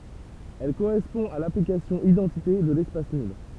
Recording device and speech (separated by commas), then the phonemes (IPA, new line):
temple vibration pickup, read sentence
ɛl koʁɛspɔ̃ a laplikasjɔ̃ idɑ̃tite də lɛspas nyl